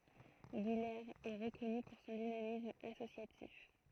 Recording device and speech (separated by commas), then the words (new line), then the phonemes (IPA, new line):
throat microphone, read sentence
Guilers est reconnue pour son dynamisme associatif.
ɡilez ɛ ʁəkɔny puʁ sɔ̃ dinamism asosjatif